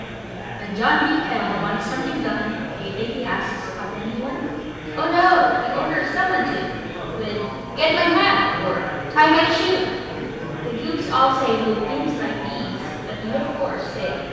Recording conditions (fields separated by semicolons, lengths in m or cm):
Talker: one person; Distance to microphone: 7.1 m; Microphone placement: far; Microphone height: 1.7 m; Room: very reverberant, large; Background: babble